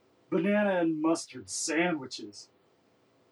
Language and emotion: English, disgusted